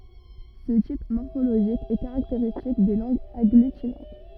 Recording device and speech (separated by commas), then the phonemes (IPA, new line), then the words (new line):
rigid in-ear microphone, read sentence
sə tip mɔʁfoloʒik ɛ kaʁakteʁistik de lɑ̃ɡz aɡlytinɑ̃t
Ce type morphologique est caractéristique des langues agglutinantes.